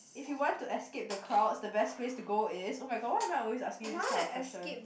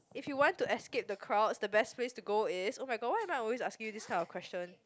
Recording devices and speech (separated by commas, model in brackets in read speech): boundary microphone, close-talking microphone, conversation in the same room